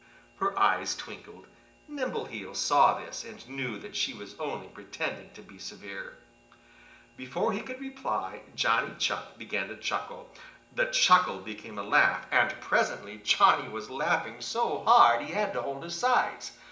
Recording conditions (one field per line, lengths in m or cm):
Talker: one person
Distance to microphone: 1.8 m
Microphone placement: close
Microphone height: 1.0 m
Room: large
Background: none